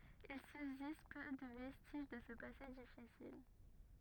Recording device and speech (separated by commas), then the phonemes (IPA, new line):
rigid in-ear microphone, read sentence
il sybzist pø də vɛstiʒ də sə pase difisil